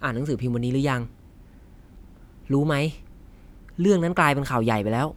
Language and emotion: Thai, angry